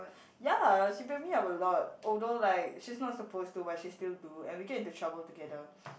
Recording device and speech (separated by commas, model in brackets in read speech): boundary microphone, conversation in the same room